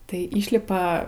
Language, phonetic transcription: Lithuanian, tai ˈyšlipa

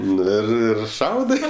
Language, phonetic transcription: Lithuanian, ˈnu ir ir ˈšaudɜ

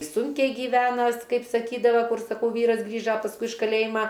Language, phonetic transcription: Lithuanian, ˈsunkiai gyˈvenas ˈkaip saˈkydava ˈkur saˈkau ˈvyras ˈgrįža pasˈkui iš kaˈlėjima

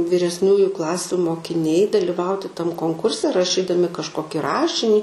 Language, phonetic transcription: Lithuanian, viresˈniųju ˈklasiu mokiˈniai daliˈvauti ˈtam konˈkurse rašˈydami kažˈkoki ˈrašinį

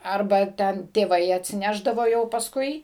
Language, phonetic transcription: Lithuanian, ˈarba ˈten tėˈvai atsiˈnešdavo jau pasˈkui

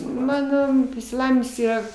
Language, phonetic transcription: Lithuanian, ˈmano išsiˈlavinims ˈyra

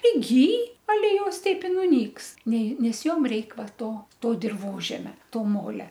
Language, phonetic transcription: Lithuanian, priˈgyj aˈle ˈjos ˈteip i nuˈnyks ˈnei nes ˈjom ˈreik ˈva ˈto ˈto dirˈvožemia ˈto ˈmolia

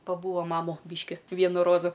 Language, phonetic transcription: Lithuanian, paˈbūa ˈmamu ˈbiški ˈvienu ˈrozu

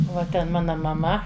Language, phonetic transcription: Lithuanian, va ˈten ˈmana maˈma

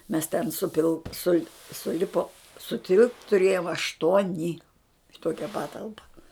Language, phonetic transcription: Lithuanian, mes ten ˈsupil sul' suˈlipom suˈtilpt tuˈrėjom ašˈtuoni i ˈtokia ˈpatalpa

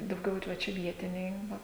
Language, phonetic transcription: Lithuanian, dauˈgiau ir ˈva ˈčia ˈvietiniai ˈva

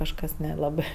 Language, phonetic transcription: Lithuanian, kažˈkas neˈlabɜ

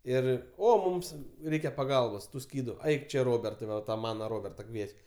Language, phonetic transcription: Lithuanian, ˈir ˈo ˈmums ˈreikia paˈgalbos ˈtų ˈskydu ˈaik ˈčia ˈrobertai ˈva ta ˈmana ˈroberta ˈkvieč'

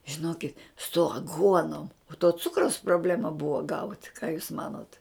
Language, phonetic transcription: Lithuanian, žiˈnokit su aˈguonom o to ˈcukraus proˈblema ˈbuvo gaut ką jūs ˈmanot

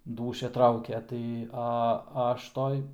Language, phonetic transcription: Lithuanian, ˈdūšia ˈtraukia tai a ˈaš ˈtoj

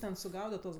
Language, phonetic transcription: Lithuanian, ˈten suˈgaudat tuos

